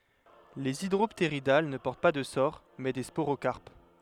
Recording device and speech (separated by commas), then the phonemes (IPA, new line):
headset microphone, read sentence
lez idʁɔptʁidal nə pɔʁt pa də soʁ mɛ de spoʁokaʁp